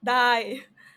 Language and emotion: Thai, happy